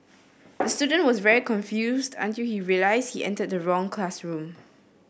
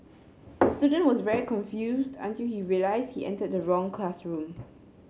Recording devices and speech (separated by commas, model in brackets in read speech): boundary microphone (BM630), mobile phone (Samsung C7), read sentence